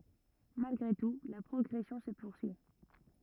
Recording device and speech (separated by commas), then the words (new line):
rigid in-ear microphone, read sentence
Malgré tout, la progression se poursuit.